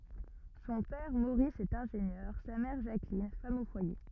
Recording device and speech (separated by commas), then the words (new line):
rigid in-ear microphone, read sentence
Son père Maurice est ingénieur, sa mère Jacqueline, femme au foyer.